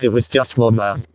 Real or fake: fake